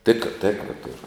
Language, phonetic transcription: Lithuanian, ˈtėk ˈtėkra ˈturu

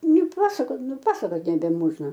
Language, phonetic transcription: Lithuanian, nuˈpasakot nuˈpasakot nebeˈmožna

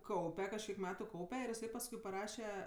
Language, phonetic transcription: Lithuanian, ˈkaupe kažˈkiek ˈmetu ˈkaupe ir iˈsai pasˈkui paˈraše

